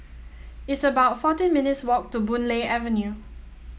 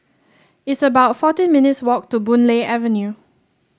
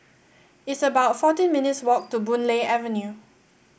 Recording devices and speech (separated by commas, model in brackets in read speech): mobile phone (iPhone 7), standing microphone (AKG C214), boundary microphone (BM630), read sentence